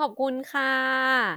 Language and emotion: Thai, happy